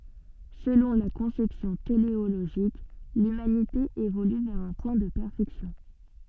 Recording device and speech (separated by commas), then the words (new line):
soft in-ear microphone, read sentence
Selon la conception téléologique, l’humanité évolue vers un point de perfection.